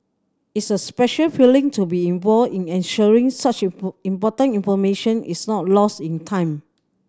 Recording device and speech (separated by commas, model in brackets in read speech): standing microphone (AKG C214), read sentence